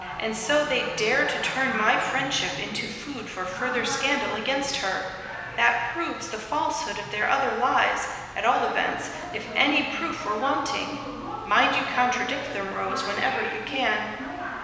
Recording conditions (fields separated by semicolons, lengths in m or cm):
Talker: one person; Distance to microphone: 1.7 m; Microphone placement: close; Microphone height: 1.0 m; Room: very reverberant, large; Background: television